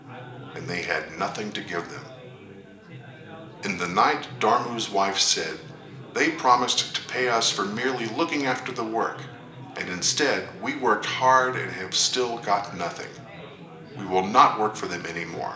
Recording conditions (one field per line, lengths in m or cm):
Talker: one person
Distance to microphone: 1.8 m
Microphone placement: close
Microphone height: 1.0 m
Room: large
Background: babble